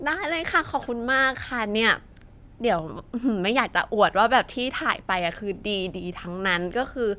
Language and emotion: Thai, happy